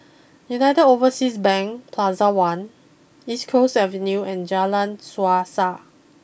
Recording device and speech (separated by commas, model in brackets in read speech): boundary microphone (BM630), read sentence